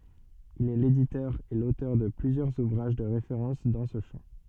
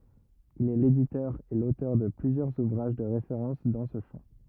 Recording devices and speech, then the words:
soft in-ear microphone, rigid in-ear microphone, read sentence
Il est l'éditeur et l'auteur de plusieurs ouvrages de référence dans ce champ.

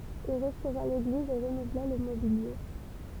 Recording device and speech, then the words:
temple vibration pickup, read sentence
Il restaura l'église et renouvela le mobilier.

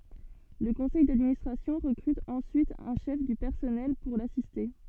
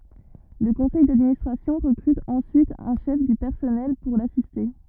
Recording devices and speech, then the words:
soft in-ear microphone, rigid in-ear microphone, read sentence
Le conseil d'administration recrute ensuite un chef du personnel pour l’assister.

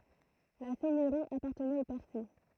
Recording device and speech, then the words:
throat microphone, read sentence
La seigneurie appartenait aux Percy.

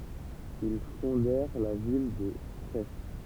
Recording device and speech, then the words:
temple vibration pickup, read sentence
Ils fondèrent la ville de Crest.

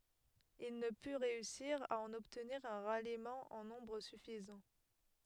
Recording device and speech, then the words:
headset microphone, read sentence
Il ne put réussir à en obtenir un ralliement en nombre suffisant.

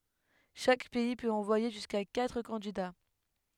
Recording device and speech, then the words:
headset microphone, read sentence
Chaque pays peut envoyer jusqu'à quatre candidats.

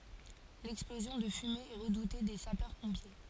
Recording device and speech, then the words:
forehead accelerometer, read sentence
L'explosion de fumées est redoutée des sapeurs-pompiers.

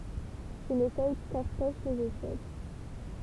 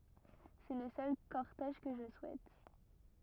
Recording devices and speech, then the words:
temple vibration pickup, rigid in-ear microphone, read sentence
C'est le seul cortège que je souhaite.

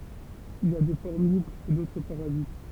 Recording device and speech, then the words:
temple vibration pickup, read sentence
Il y a des formes libres et d'autres parasites.

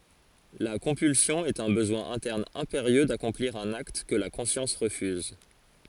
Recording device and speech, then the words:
forehead accelerometer, read sentence
La compulsion est un besoin interne impérieux d’accomplir un acte que la conscience refuse.

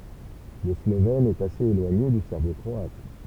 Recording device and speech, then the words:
temple vibration pickup, read sentence
Le slovène est assez éloigné du serbo-croate.

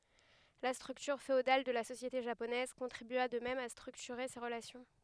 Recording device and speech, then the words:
headset microphone, read sentence
La structure féodale de la société japonaise contribua de même à structurer ces relations.

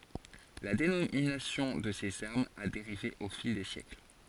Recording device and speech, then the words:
forehead accelerometer, read sentence
La dénomination de ces armes a dérivé au fil des siècles.

